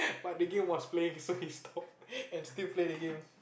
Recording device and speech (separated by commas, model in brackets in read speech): boundary microphone, conversation in the same room